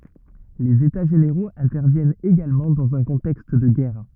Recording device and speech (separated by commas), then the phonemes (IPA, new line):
rigid in-ear microphone, read sentence
lez eta ʒeneʁoz ɛ̃tɛʁvjɛnt eɡalmɑ̃ dɑ̃z œ̃ kɔ̃tɛkst də ɡɛʁ